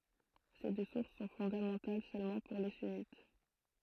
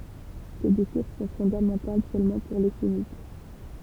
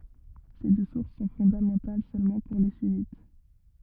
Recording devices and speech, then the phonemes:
throat microphone, temple vibration pickup, rigid in-ear microphone, read sentence
se dø suʁs sɔ̃ fɔ̃damɑ̃tal sølmɑ̃ puʁ le synit

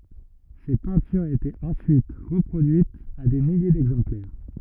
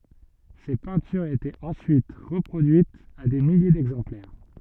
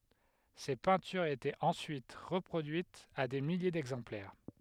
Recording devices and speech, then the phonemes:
rigid in-ear microphone, soft in-ear microphone, headset microphone, read sentence
se pɛ̃tyʁz etɛt ɑ̃syit ʁəpʁodyitz a de milje dɛɡzɑ̃plɛʁ

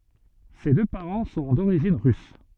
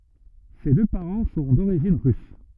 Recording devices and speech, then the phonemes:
soft in-ear microphone, rigid in-ear microphone, read sentence
se dø paʁɑ̃ sɔ̃ doʁiʒin ʁys

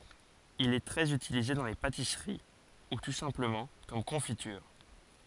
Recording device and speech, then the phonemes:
forehead accelerometer, read sentence
il ɛ tʁɛz ytilize dɑ̃ le patisəʁi u tu sɛ̃pləmɑ̃ kɔm kɔ̃fityʁ

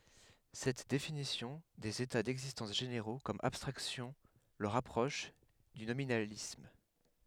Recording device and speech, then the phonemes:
headset microphone, read sentence
sɛt definisjɔ̃ dez eta dɛɡzistɑ̃s ʒeneʁo kɔm abstʁaksjɔ̃ lə ʁapʁɔʃ dy nominalism

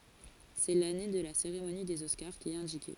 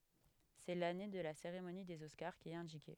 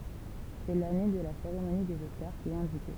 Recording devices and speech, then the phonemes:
forehead accelerometer, headset microphone, temple vibration pickup, read sentence
sɛ lane də la seʁemoni dez ɔskaʁ ki ɛt ɛ̃dike

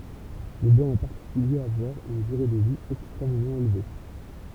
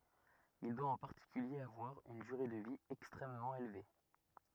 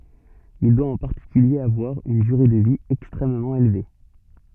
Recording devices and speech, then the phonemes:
temple vibration pickup, rigid in-ear microphone, soft in-ear microphone, read sentence
il dwa ɑ̃ paʁtikylje avwaʁ yn dyʁe də vi ɛkstʁɛmmɑ̃ elve

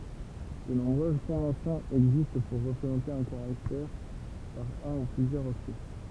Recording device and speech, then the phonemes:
temple vibration pickup, read sentence
də nɔ̃bʁøz kɔ̃vɑ̃sjɔ̃z ɛɡzist puʁ ʁəpʁezɑ̃te œ̃ kaʁaktɛʁ paʁ œ̃ u plyzjœʁz ɔktɛ

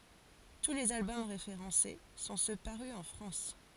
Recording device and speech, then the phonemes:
forehead accelerometer, read sentence
tu lez albɔm ʁefeʁɑ̃se sɔ̃ sø paʁy ɑ̃ fʁɑ̃s

